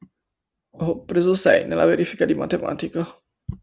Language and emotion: Italian, sad